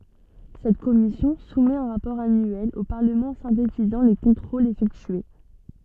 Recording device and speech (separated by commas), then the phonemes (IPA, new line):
soft in-ear microphone, read sentence
sɛt kɔmisjɔ̃ sumɛt œ̃ ʁapɔʁ anyɛl o paʁləmɑ̃ sɛ̃tetizɑ̃ le kɔ̃tʁolz efɛktye